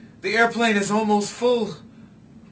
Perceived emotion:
fearful